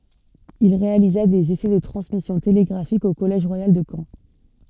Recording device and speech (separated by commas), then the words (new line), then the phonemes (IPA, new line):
soft in-ear microphone, read sentence
Il réalisa des essais de transmission télégraphique au collège royal de Caen.
il ʁealiza dez esɛ də tʁɑ̃smisjɔ̃ teleɡʁafik o kɔlɛʒ ʁwajal də kɑ̃